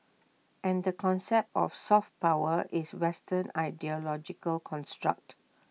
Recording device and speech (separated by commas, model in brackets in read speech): mobile phone (iPhone 6), read sentence